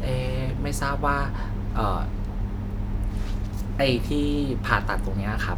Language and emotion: Thai, neutral